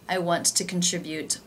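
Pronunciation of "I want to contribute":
In 'I want to contribute', 'want to' is said in full with the T sound actually made, not in the casual 'wanna' pronunciation.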